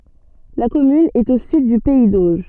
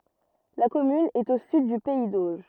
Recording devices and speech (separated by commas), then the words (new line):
soft in-ear microphone, rigid in-ear microphone, read sentence
La commune est au sud du pays d'Auge.